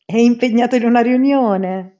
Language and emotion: Italian, happy